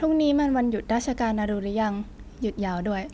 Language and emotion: Thai, neutral